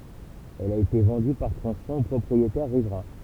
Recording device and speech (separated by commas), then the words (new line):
temple vibration pickup, read sentence
Elle a été vendue par tronçons aux propriétaires riverains.